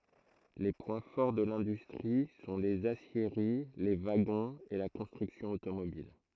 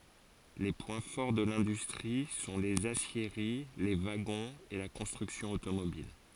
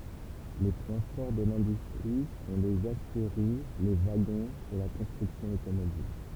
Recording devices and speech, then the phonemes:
throat microphone, forehead accelerometer, temple vibration pickup, read sentence
le pwɛ̃ fɔʁ də lɛ̃dystʁi sɔ̃ lez asjeʁi le vaɡɔ̃z e la kɔ̃stʁyksjɔ̃ otomobil

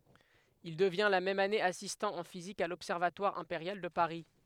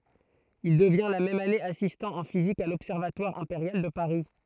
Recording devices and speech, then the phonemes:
headset microphone, throat microphone, read sentence
il dəvjɛ̃ la mɛm ane asistɑ̃ ɑ̃ fizik a lɔbsɛʁvatwaʁ ɛ̃peʁjal də paʁi

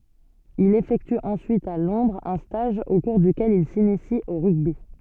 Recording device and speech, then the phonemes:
soft in-ear microphone, read sentence
il efɛkty ɑ̃syit a lɔ̃dʁz œ̃ staʒ o kuʁ dykɛl il sinisi o ʁyɡbi

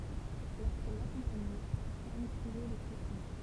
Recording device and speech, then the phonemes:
temple vibration pickup, read sentence
loʁskɛl lakɔ̃paɲɛ sa fam tʁiɛ le ʃifɔ̃

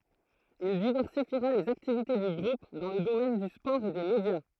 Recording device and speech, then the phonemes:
throat microphone, read sentence
il divɛʁsifiʁa lez aktivite dy ɡʁup dɑ̃ lə domɛn dy spɔʁ e de medja

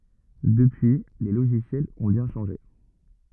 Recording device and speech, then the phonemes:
rigid in-ear microphone, read sentence
dəpyi le loʒisjɛlz ɔ̃ bjɛ̃ ʃɑ̃ʒe

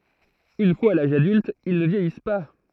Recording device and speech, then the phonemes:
throat microphone, read sentence
yn fwaz a laʒ adylt il nə vjɛjis pa

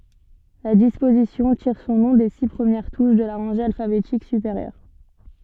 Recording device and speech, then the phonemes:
soft in-ear microphone, read sentence
la dispozisjɔ̃ tiʁ sɔ̃ nɔ̃ de si pʁəmjɛʁ tuʃ də la ʁɑ̃ʒe alfabetik sypeʁjœʁ

